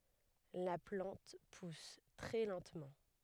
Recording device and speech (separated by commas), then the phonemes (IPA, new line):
headset microphone, read sentence
la plɑ̃t pus tʁɛ lɑ̃tmɑ̃